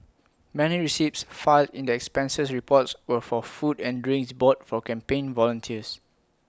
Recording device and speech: close-talking microphone (WH20), read sentence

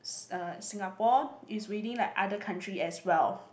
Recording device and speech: boundary microphone, conversation in the same room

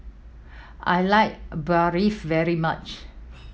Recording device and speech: mobile phone (iPhone 7), read sentence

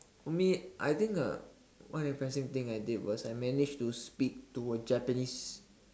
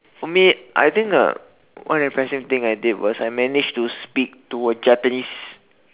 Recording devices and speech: standing microphone, telephone, conversation in separate rooms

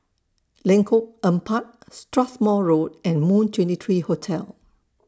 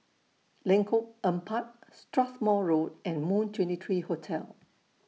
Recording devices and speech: standing microphone (AKG C214), mobile phone (iPhone 6), read sentence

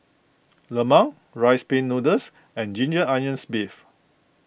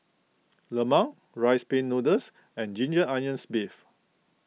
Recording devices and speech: boundary microphone (BM630), mobile phone (iPhone 6), read sentence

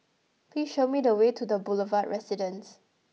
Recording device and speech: mobile phone (iPhone 6), read sentence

